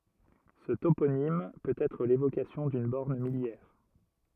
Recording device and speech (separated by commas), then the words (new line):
rigid in-ear microphone, read sentence
Ce toponyme peut être l'évocation d'une borne milliaire.